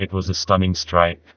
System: TTS, vocoder